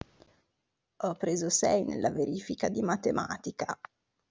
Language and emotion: Italian, disgusted